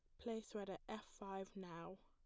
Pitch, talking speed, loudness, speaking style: 195 Hz, 195 wpm, -51 LUFS, plain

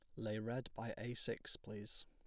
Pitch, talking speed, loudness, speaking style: 115 Hz, 195 wpm, -46 LUFS, plain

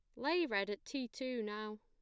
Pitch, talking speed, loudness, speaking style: 235 Hz, 225 wpm, -39 LUFS, plain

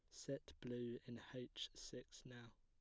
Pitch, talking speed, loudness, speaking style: 120 Hz, 150 wpm, -52 LUFS, plain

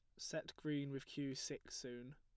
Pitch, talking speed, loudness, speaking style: 140 Hz, 185 wpm, -47 LUFS, plain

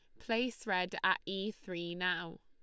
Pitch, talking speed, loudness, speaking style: 190 Hz, 160 wpm, -36 LUFS, Lombard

